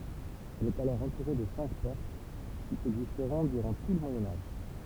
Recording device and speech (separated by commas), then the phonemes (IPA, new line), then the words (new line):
temple vibration pickup, read sentence
ɛl ɛt alɔʁ ɑ̃tuʁe də sɛ̃k pɔʁt ki ɛɡzistʁɔ̃ dyʁɑ̃ tu lə mwajɛ̃ aʒ
Elle est alors entourée de cinq portes, qui existeront durant tout le Moyen Âge.